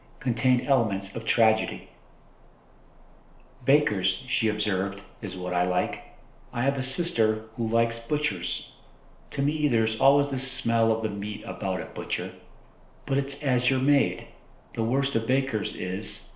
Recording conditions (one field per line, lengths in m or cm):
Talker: one person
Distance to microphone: 1.0 m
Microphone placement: close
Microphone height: 1.1 m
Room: small (3.7 m by 2.7 m)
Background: none